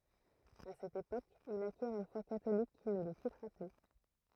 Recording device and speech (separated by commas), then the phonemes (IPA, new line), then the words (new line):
throat microphone, read sentence
a sɛt epok il akjɛʁ yn fwa katolik ki nə lə kitʁa ply
À cette époque, il acquiert une foi catholique qui ne le quittera plus.